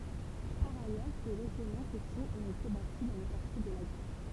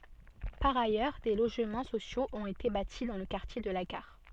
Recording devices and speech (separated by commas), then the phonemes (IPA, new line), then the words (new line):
temple vibration pickup, soft in-ear microphone, read sentence
paʁ ajœʁ de loʒmɑ̃ sosjoz ɔ̃t ete bati dɑ̃ lə kaʁtje də la ɡaʁ
Par ailleurs, des logements sociaux ont été bâtis dans le quartier de la gare.